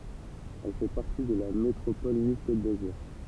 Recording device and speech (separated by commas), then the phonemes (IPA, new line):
temple vibration pickup, read sentence
ɛl fɛ paʁti də la metʁopɔl nis kot dazyʁ